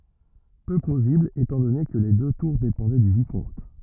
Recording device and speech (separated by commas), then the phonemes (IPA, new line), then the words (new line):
rigid in-ear microphone, read sentence
pø plozibl etɑ̃ dɔne kə le dø tuʁ depɑ̃dɛ dy vikɔ̃t
Peu plausible étant donné que les deux tours dépendaient du Vicomte.